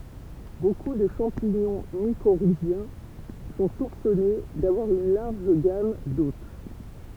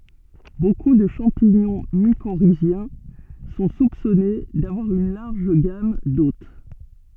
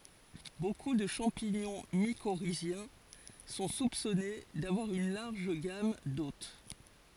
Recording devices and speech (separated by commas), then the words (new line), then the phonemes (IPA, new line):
temple vibration pickup, soft in-ear microphone, forehead accelerometer, read sentence
Beaucoup de champignons mycorhiziens sont soupçonnées d'avoir une large gamme d'hôtes.
boku də ʃɑ̃piɲɔ̃ mikoʁizjɛ̃ sɔ̃ supsɔne davwaʁ yn laʁʒ ɡam dot